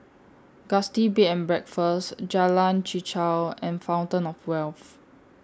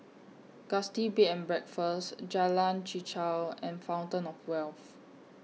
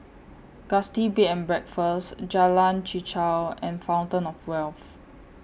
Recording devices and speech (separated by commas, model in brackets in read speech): standing microphone (AKG C214), mobile phone (iPhone 6), boundary microphone (BM630), read sentence